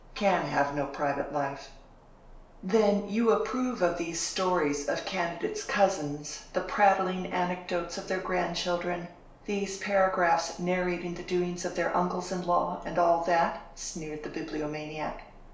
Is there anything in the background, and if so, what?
Nothing.